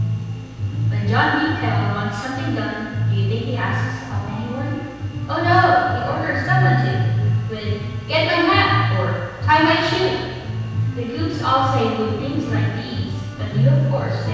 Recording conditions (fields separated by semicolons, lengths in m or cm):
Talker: one person; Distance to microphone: 7.1 m; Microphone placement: far; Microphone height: 1.7 m; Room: very reverberant, large; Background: music